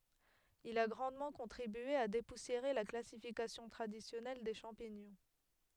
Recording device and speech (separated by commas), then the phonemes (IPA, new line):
headset microphone, read sentence
il a ɡʁɑ̃dmɑ̃ kɔ̃tʁibye a depusjeʁe la klasifikasjɔ̃ tʁadisjɔnɛl de ʃɑ̃piɲɔ̃